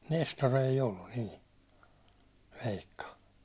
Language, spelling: Finnish, Nestori ei ollut niin veikka
- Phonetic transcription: 'Nestor ‿ei 'ollun nii , 'veikka .

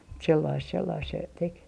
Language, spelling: Finnish, mutta sellaista sellaista se teki
- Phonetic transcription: mut 'sellaist 'sellaist se , 'tek .

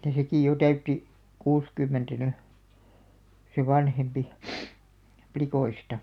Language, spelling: Finnish, mutta sekin jo täytti kuusikymmentä nyt se vanhempi likoista
- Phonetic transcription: [mut]ta 'sekì jo "täytti , 'kuuskymmentä 'ny , se "vanhempi , 'plikoista .

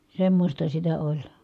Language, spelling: Finnish, semmoista sitä oli
- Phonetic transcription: semmośta sitä oĺ .

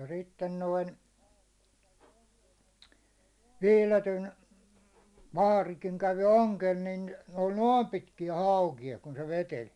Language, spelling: Finnish, ja sitten noin Viiletyn vaarikin kävi ongella niin ne oli noin pitkiä haukia kun se veteli
- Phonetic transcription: ja 'sitten noin , 'Viletyn , 'vaarikiŋ kävi 'oŋkel nin , ne oĺ "noom 'pitkijä "hàukija kun se 'veteĺ .

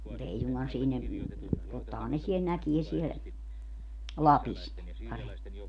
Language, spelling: Finnish, mutta ei suinkaan siinä tottahan ne siellä näkee siellä Lapissa ne paremmin
- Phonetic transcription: mu't ‿ei suŋGan siinä , tottahan ne 'siel 'näkie siel , "Lapis ne , 'paremmi .

